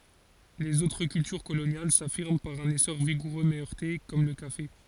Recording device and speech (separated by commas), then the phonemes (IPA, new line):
forehead accelerometer, read sentence
lez otʁ kyltyʁ kolonjal safiʁm paʁ œ̃n esɔʁ viɡuʁø mɛ œʁte kɔm lə kafe